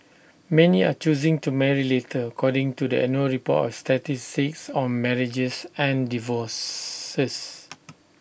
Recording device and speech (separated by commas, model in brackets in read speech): boundary microphone (BM630), read sentence